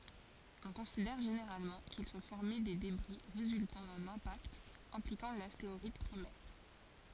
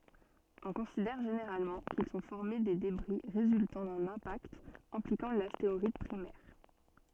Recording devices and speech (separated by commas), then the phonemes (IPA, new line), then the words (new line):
forehead accelerometer, soft in-ear microphone, read sentence
ɔ̃ kɔ̃sidɛʁ ʒeneʁalmɑ̃ kil sɔ̃ fɔʁme de debʁi ʁezyltɑ̃ dœ̃n ɛ̃pakt ɛ̃plikɑ̃ lasteʁɔid pʁimɛʁ
On considère généralement qu'ils sont formés des débris résultant d'un impact impliquant l'astéroïde primaire.